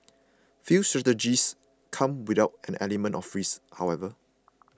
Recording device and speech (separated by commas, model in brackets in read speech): close-talking microphone (WH20), read sentence